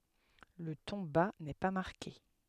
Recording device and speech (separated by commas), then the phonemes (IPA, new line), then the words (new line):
headset microphone, read sentence
lə tɔ̃ ba nɛ pa maʁke
Le ton bas n’est pas marqué.